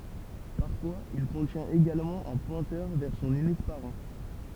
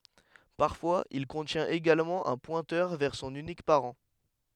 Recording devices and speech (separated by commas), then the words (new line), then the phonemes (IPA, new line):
temple vibration pickup, headset microphone, read sentence
Parfois, il contient également un pointeur vers son unique parent.
paʁfwaz il kɔ̃tjɛ̃t eɡalmɑ̃ œ̃ pwɛ̃tœʁ vɛʁ sɔ̃n ynik paʁɑ̃